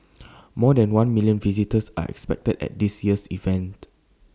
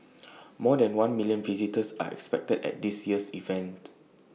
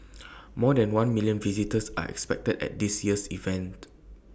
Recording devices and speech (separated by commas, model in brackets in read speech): standing microphone (AKG C214), mobile phone (iPhone 6), boundary microphone (BM630), read sentence